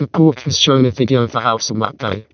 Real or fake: fake